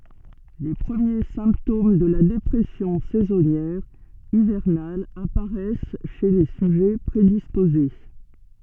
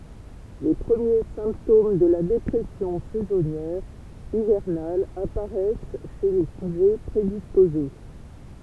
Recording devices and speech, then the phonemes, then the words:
soft in-ear microphone, temple vibration pickup, read sentence
le pʁəmje sɛ̃ptom də la depʁɛsjɔ̃ sɛzɔnjɛʁ ivɛʁnal apaʁɛs ʃe le syʒɛ pʁedispoze
Les premiers symptômes de la dépression saisonnière hivernale apparaissent chez les sujets prédisposés.

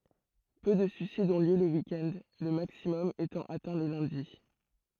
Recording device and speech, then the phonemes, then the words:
throat microphone, read sentence
pø də syisidz ɔ̃ ljø lə wik ɛnd lə maksimɔm etɑ̃ atɛ̃ lə lœ̃di
Peu de suicides ont lieu le week-end, le maximum étant atteint le lundi.

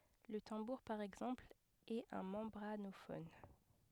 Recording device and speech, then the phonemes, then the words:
headset microphone, read sentence
lə tɑ̃buʁ paʁ ɛɡzɑ̃pl ɛt œ̃ mɑ̃bʁanofɔn
Le tambour par exemple, est un membranophone.

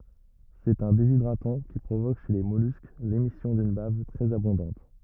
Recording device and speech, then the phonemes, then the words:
rigid in-ear microphone, read sentence
sɛt œ̃ dezidʁatɑ̃ ki pʁovok ʃe le mɔlysk lemisjɔ̃ dyn bav tʁɛz abɔ̃dɑ̃t
C'est un déshydratant qui provoque chez les mollusques l'émission d'une bave très abondante.

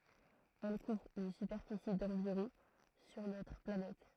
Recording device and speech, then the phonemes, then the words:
throat microphone, read sentence
ɛl kuvʁ yn sypɛʁfisi dɑ̃viʁɔ̃ syʁ notʁ planɛt
Elle couvre une superficie d'environ sur notre planète.

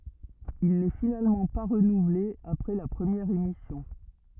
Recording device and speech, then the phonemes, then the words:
rigid in-ear microphone, read sentence
il nɛ finalmɑ̃ pa ʁənuvle apʁɛ la pʁəmjɛʁ emisjɔ̃
Il n'est finalement pas renouvelé après la première émission.

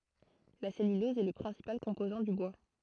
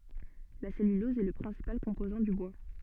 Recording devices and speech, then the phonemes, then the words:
throat microphone, soft in-ear microphone, read sentence
la sɛlylɔz ɛ lə pʁɛ̃sipal kɔ̃pozɑ̃ dy bwa
La cellulose est le principal composant du bois.

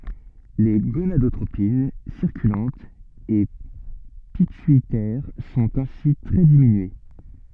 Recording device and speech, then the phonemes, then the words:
soft in-ear microphone, read sentence
le ɡonadotʁopin siʁkylɑ̃tz e pityitɛʁ sɔ̃t ɛ̃si tʁɛ diminye
Les gonadotropines circulantes et pituitaires sont ainsi très diminuées.

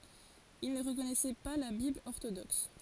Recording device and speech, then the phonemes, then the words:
forehead accelerometer, read sentence
il nə ʁəkɔnɛsɛ pa la bibl ɔʁtodɔks
Ils ne reconnaissaient pas la Bible orthodoxe.

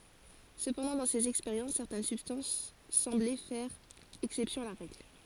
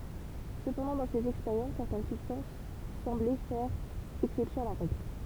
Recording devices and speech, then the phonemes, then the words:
forehead accelerometer, temple vibration pickup, read sentence
səpɑ̃dɑ̃ dɑ̃ sez ɛkspeʁjɑ̃s sɛʁtɛn sybstɑ̃s sɑ̃blɛ fɛʁ ɛksɛpsjɔ̃ a la ʁɛɡl
Cependant dans ces expériences, certaines substances semblaient faire exception à la règle.

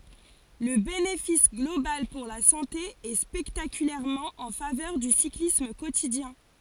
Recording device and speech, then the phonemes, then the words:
forehead accelerometer, read sentence
lə benefis ɡlobal puʁ la sɑ̃te ɛ spɛktakylɛʁmɑ̃ ɑ̃ favœʁ dy siklism kotidjɛ̃
Le bénéfice global pour la santé est spectaculairement en faveur du cyclisme quotidien.

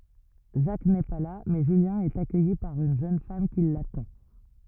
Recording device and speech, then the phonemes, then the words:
rigid in-ear microphone, read sentence
ʒak nɛ pa la mɛ ʒyljɛ̃ ɛt akœji paʁ yn ʒøn fam ki latɑ̃
Jacques n'est pas là, mais Julien est accueilli par une jeune femme qui l'attend.

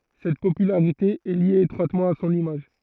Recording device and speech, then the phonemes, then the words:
throat microphone, read sentence
sɛt popylaʁite ɛ lje etʁwatmɑ̃ a sɔ̃n imaʒ
Cette popularité est liée étroitement à son image.

